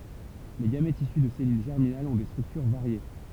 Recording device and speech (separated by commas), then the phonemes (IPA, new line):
temple vibration pickup, read sentence
le ɡamɛtz isy də sɛlyl ʒɛʁminalz ɔ̃ de stʁyktyʁ vaʁje